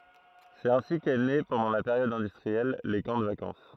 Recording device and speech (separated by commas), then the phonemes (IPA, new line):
throat microphone, read sentence
sɛt ɛ̃si kɛ ne pɑ̃dɑ̃ la peʁjɔd ɛ̃dystʁiɛl le kɑ̃ də vakɑ̃s